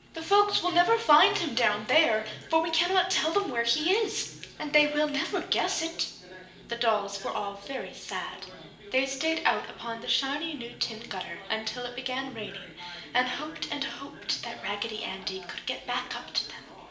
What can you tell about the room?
A large room.